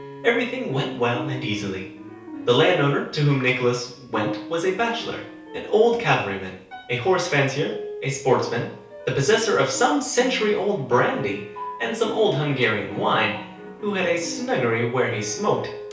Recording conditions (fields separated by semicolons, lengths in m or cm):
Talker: one person; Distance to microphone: 3.0 m; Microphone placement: far; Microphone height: 1.8 m; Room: small (3.7 m by 2.7 m); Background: music